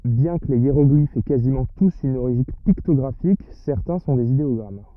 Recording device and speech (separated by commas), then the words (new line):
rigid in-ear microphone, read sentence
Bien que les hiéroglyphes aient quasiment tous une origine pictographique, certains sont des idéogrammes.